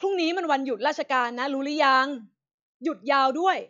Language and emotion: Thai, frustrated